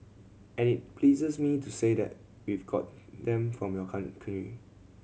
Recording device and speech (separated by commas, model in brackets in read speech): mobile phone (Samsung C7100), read sentence